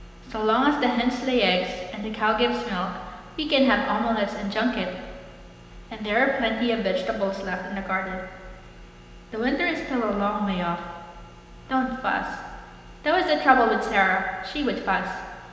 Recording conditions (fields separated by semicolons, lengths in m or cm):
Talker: one person; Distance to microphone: 1.7 m; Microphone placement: close; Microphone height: 1.0 m; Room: very reverberant, large; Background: none